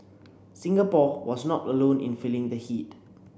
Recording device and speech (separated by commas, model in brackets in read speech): boundary microphone (BM630), read sentence